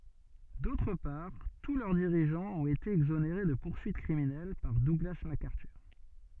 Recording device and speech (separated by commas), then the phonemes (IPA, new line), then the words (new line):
soft in-ear microphone, read sentence
dotʁ paʁ tu lœʁ diʁiʒɑ̃z ɔ̃t ete ɛɡzoneʁe də puʁsyit kʁiminɛl paʁ duɡla makaʁtyʁ
D'autre part, tous leurs dirigeants ont été exonérés de poursuites criminelles par Douglas MacArthur.